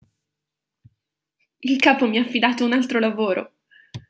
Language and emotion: Italian, happy